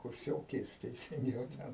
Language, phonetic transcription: Lithuanian, kurˈsiokės teisinˈgiau ˈten

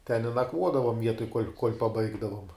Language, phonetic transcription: Lithuanian, ten i naˈkvuodavom ˈvietoj kuol' kuol' paˈbaigdavom

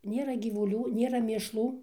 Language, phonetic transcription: Lithuanian, ˈnėra gyvuˈlių ˈnėra mėšˈlų

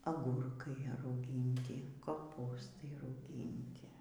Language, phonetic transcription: Lithuanian, aˈgurkai rauˈgynti koˈpūstai rauˈgynti

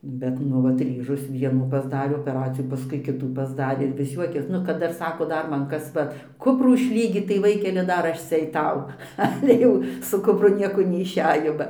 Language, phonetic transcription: Lithuanian, ˈbet ˈnu vat ˈryžos ˈvienų pasˈdarė opeˈraciją paˈskui ˈkitų pasˈdarė ir vis ˈjuokės nu kad ˈdar ˈsako ˈdar ˈman ˈkas ˈva ˈkuprų išˈlygyt tai ˈvaikeli ˈdar ˈaš ˈcia aiˈtau ˈale jau su kupˈru ˈnieko neišˈejo ba

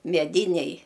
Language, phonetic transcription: Lithuanian, meˈdinej

